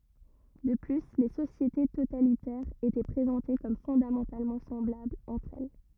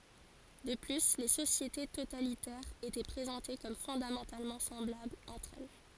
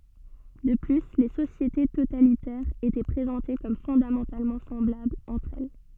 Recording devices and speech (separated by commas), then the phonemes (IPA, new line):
rigid in-ear microphone, forehead accelerometer, soft in-ear microphone, read sentence
də ply le sosjete totalitɛʁz etɛ pʁezɑ̃te kɔm fɔ̃damɑ̃talmɑ̃ sɑ̃blablz ɑ̃tʁ ɛl